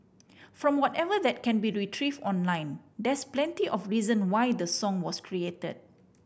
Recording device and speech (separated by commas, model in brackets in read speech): boundary microphone (BM630), read sentence